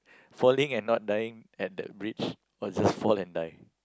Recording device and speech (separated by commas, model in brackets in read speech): close-talking microphone, conversation in the same room